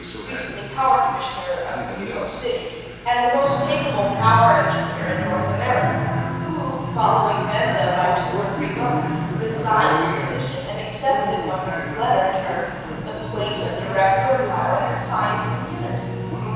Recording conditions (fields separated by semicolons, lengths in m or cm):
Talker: one person; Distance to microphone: 7.1 m; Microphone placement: far; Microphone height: 1.7 m; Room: very reverberant, large; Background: television